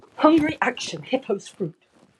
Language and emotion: English, angry